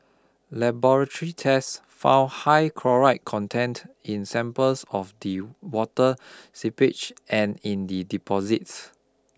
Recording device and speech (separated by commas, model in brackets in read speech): close-talking microphone (WH20), read sentence